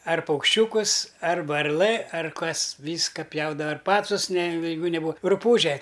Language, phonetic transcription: Lithuanian, ar paukšˈčiūkus ar varˈlɘ ar ˈkas ˈvyska ˈpjaudava ir ˈpacus ne jeiˈgu neˈbūa ruˈpūže

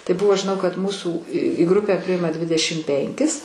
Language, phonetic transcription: Lithuanian, tai ˈbuvo žiˈnau kad ˈmūsų į grupe ˈpriima ˈdvidešim ˈpenkis

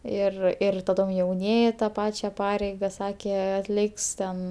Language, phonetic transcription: Lithuanian, ˈir ir taˈdom jauˈnieji ta ˈpačia ˈpareiga ˈsakė atˈliks ten

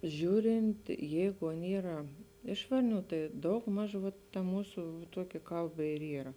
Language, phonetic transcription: Lithuanian, ˈžiūrint ˈjeigu ˈan ˈyra ˈiš varˌnių tai ˈdaugˌmaž vat ta ˈmūsu ˈtuoki ˈkalˌba ir ˈyra

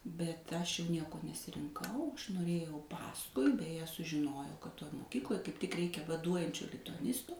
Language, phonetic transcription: Lithuanian, bet ˈaš jau ˈnieko nesirinˈkau ˈaš noˈrėjau ˈpaskui beˈje sužiˈnojau kad ˈtoj moˈkykloj kaip tik ˈreikia vaˈduojančio lituaˈnisto

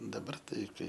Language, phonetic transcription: Lithuanian, daˈbar ˈtai ˈkai

